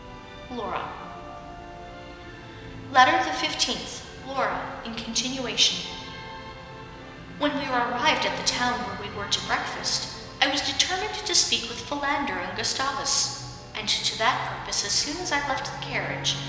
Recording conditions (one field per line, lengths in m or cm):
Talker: one person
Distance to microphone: 1.7 m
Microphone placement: close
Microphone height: 1.0 m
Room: very reverberant, large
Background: music